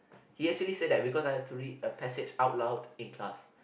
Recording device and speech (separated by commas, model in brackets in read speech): boundary microphone, conversation in the same room